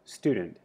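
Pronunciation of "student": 'Student' is said with a reduced vowel, a barred I.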